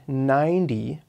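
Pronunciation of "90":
In 'ninety', the t is said as a d sound, not a t.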